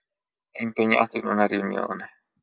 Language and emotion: Italian, sad